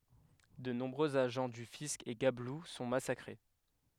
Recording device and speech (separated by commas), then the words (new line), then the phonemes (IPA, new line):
headset microphone, read sentence
De nombreux agents du fisc et gabelous sont massacrés.
də nɔ̃bʁøz aʒɑ̃ dy fisk e ɡablu sɔ̃ masakʁe